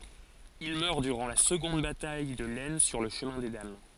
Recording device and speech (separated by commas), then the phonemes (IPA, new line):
forehead accelerometer, read sentence
il mœʁ dyʁɑ̃ la səɡɔ̃d bataj də lɛsn syʁ lə ʃəmɛ̃ de dam